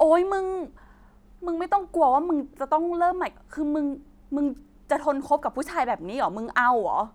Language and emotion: Thai, frustrated